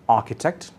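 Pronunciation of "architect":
In 'architect', the r is silent.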